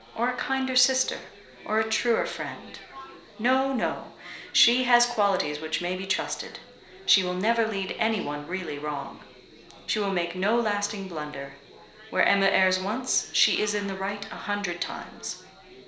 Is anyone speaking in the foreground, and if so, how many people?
One person.